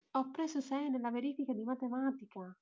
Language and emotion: Italian, happy